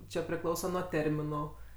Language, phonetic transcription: Lithuanian, ˈčia priˈklausa nuo ˈterminu

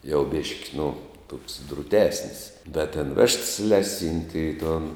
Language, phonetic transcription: Lithuanian, jau ˈbėški nu toks druˈtesnis da ten ˈvešts ˈleˌsynti i ton

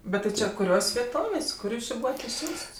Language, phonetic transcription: Lithuanian, ˈbet ti ˈčia kuˈrios' vieˈtovės' ˈkur ˈjūs ˈči ˈbūvat išˈsiųsts

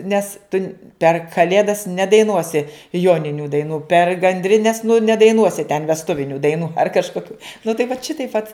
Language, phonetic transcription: Lithuanian, ˈnes tun' per kaˈlėdas nedaiˈnuosi ˈjoninių daiˈnų per gandriˈnes nu nedaiˈnuosi ten vesˈtuvinių daiˈnų ar kažkoˈkių nu tai vat ˈšitaip vat

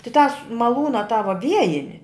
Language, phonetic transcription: Lithuanian, ti tās maˈlūna tą va ˈviejini

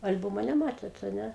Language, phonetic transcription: Lithuanian, al'ˈbumo neˈmatėt a ˈne

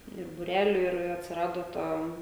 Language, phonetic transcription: Lithuanian, ir buˈreliu ir atsiˈrado ˈta

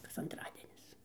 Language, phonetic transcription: Lithuanian, kas anˈtradienis

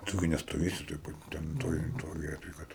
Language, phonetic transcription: Lithuanian, ˈtu gi nestoˈvėsi toj ˈpat ten ˈtoj ˈtoj ˈvietoj ˈkad

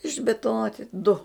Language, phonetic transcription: Lithuanian, išbituˈnoti du

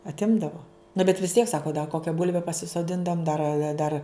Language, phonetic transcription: Lithuanian, atˈimdavo na bet vis tiek ˈsako da ˈkokia ˈbulve pasisoˈdindavom ˈdar a ˈdar

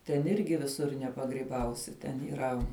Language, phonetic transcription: Lithuanian, ten ˈirgi viˈsur nepagryˈbausi ten yˈra

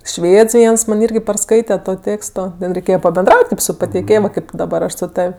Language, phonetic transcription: Lithuanian, ˈšvėds ˈviens man' ˈirgi parˈskaite ˈto ˈtėksto da reiˈkėje pabenˈdraut' kaip su pateiˈkėjom ˈkaip daˈbar ˈaš su ˈtav'

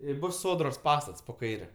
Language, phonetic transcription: Lithuanian, i ˈbus ˈsodros ˈpastats po ˈkaire

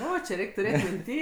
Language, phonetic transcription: Lithuanian, ˈo či ˈreik' tuˈrėt' minˈty

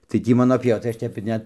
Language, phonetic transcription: Lithuanian, tai ˈtį ˈmano pieˈva tai ˈaš ˈtep ir ˈnet

